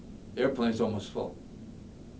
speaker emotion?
neutral